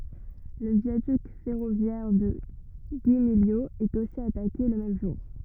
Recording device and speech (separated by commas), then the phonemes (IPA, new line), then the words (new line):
rigid in-ear microphone, read sentence
lə vjadyk fɛʁovjɛʁ də ɡimiljo ɛt osi atake lə mɛm ʒuʁ
Le viaduc ferroviaire de Guimiliau est aussi attaqué le même jour.